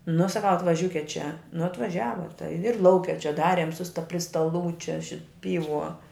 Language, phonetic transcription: Lithuanian, nu saˈkau atvaˈžiūket čia nu atvaˈžiava tai ir ˈlauke čia ˈdarėm su sta pri staˈlų ˈčia ˈšit ˈpyˌvuo

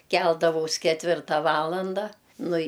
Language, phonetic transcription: Lithuanian, ˈkeldavaus ketˈvirta ˈvalanda ˈnu i

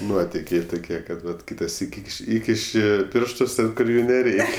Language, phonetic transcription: Lithuanian, ˈnuotikiai tuˈkie kad ˈvat ˈkyta ˈsyk' ˈįkiš' ˈįkiši ˈpirštus ˈten kur ˈjų neˈreik'

